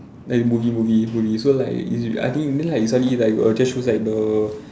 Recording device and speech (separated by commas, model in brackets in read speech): standing microphone, conversation in separate rooms